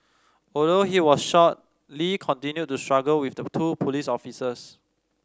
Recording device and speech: standing microphone (AKG C214), read sentence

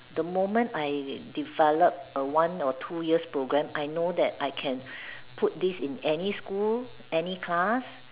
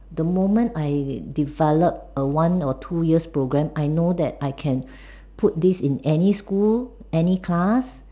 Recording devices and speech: telephone, standing microphone, conversation in separate rooms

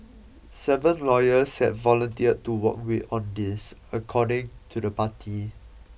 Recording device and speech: boundary microphone (BM630), read sentence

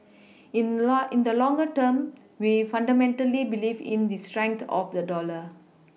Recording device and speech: mobile phone (iPhone 6), read sentence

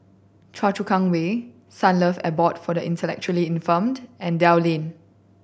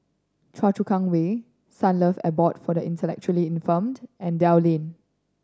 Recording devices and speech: boundary microphone (BM630), standing microphone (AKG C214), read sentence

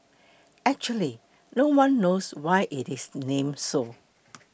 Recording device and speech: boundary microphone (BM630), read sentence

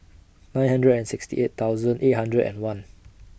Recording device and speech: boundary microphone (BM630), read sentence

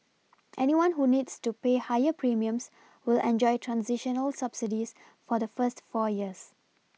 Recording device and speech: mobile phone (iPhone 6), read sentence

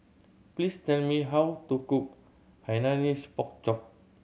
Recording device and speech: mobile phone (Samsung C7100), read sentence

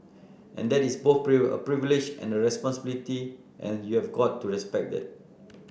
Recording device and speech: boundary microphone (BM630), read sentence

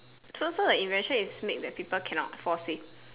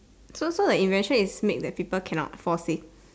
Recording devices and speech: telephone, standing microphone, conversation in separate rooms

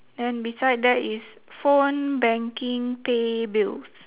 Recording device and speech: telephone, conversation in separate rooms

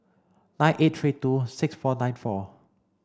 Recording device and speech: standing microphone (AKG C214), read sentence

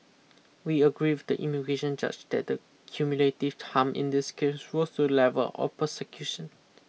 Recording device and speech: mobile phone (iPhone 6), read sentence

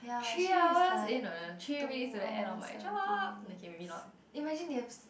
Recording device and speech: boundary microphone, conversation in the same room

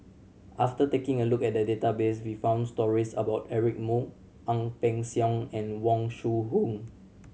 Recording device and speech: mobile phone (Samsung C7100), read sentence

